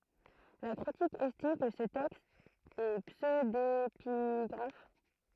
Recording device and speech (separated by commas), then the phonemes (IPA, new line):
throat microphone, read sentence
la kʁitik ɛstim kə sə tɛkst ɛ psødepiɡʁaf